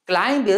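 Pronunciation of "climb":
'Climb' is pronounced incorrectly here.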